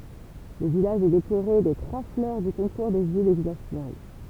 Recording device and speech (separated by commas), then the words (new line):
temple vibration pickup, read sentence
Le village est décoré des trois fleurs du concours des villes et villages fleuris.